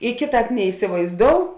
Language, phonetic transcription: Lithuanian, i ˈkėˌtāp neisivaizˈdou

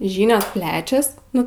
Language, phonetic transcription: Lithuanian, ˈžynios ˈplečias ˈnu

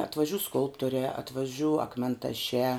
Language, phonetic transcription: Lithuanian, atvaˈžiū ˈskulptoriā atvaˈžiū akmentaˈšiā

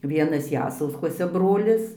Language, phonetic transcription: Lithuanian, ˈvienas ˈjasauskuose ˈbrolis

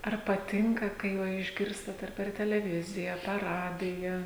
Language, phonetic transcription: Lithuanian, ar paˈtinka kai ˈva išˈgirstat ar per teleˈvizija a per ˈradija

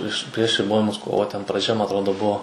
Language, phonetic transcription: Lithuanian, priš prieš riˈbojimus ˈkovo ten praˈdžia ma atˈrodo ˈbuo

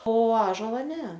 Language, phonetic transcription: Lithuanian, o ˈąžola ˈne

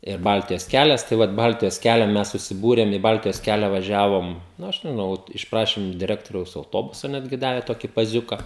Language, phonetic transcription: Lithuanian, ir ˈbaltijos ˈkælias tai ˈvat ˈbaltijos ˈkælia ˈmes susiˈbūrem i ˈbaltijos ˈkælia vaˈžiavom nu ˈaš ˈnau ˈvot išˈprašim iš diˈrektoriaus auˈtobusa ˈnetgi ˈdave ˈtoki paˈziuka

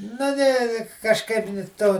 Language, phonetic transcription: Lithuanian, na ˈne kažˈkaip ni ˈto

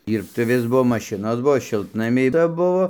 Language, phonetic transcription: Lithuanian, ˈir tai ˈvis ˈbuo maˈšinos ˈbuo ˈšiltnamiai ˈca ˈbuvo

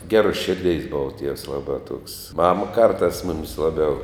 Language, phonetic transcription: Lithuanian, ˈgeruos ˈširˌdeis ˈbova tievs ˈlabā tuoks ˈmama ˈkartās ˈmumis ˈlaˌbiau

